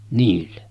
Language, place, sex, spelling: Finnish, Sotkamo, male, niille
- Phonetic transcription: niille .

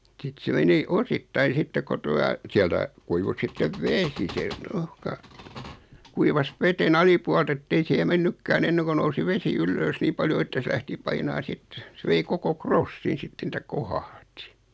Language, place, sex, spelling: Finnish, Noormarkku, male, sitten se meni osittain sitten kun tuota sieltä kuivui sitten vesi se ruuhka kuivasi veden alipuolelta että ei siihen mennytkään ennen kuin nousi vesi ylös niin paljon että se lähti painamaan sitten se vei koko krossin sitten että kohahti
- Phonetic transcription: 'sit se 'meni , 'osittai 'sitte ko 'tua , 'siältä , kuivu 'sittev "vesi se , 'ruhka , 'kuivas "veten 'alipualt ‿ettei sihe 'mennykkää'n ‿enneŋko nousi 'vesi "yllöös 'nii paljo että sᵉ 'lähti 'painaa 'sit , 'sᵉ vei 'koko "krossin 'sitten ‿ᵉᵗtä "kohahti .

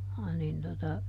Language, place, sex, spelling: Finnish, Juupajoki, female, niin tuota
- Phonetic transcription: ˈnin tota ,.

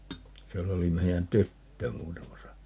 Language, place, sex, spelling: Finnish, Paavola, male, siellä oli meidän tyttö muutamassa
- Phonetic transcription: 'siell ‿oli 'mei₍än "tyttö 'muutamasa ,.

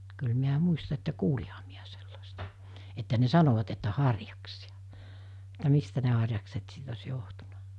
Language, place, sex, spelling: Finnish, Mikkeli, female, kyllä minä muistan että kuulinhan minä sellaista että ne sanoivat että harjaksia että mistä ne harjakset sitten olisi johtunut
- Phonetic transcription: kyl miä 'muista että 'kuuliha miä sellastᴀ , että ne 'sanovat että 'harjaksiᴀ , (et)tä 'mistä ne harjakset sit os 'johtunᴀ .

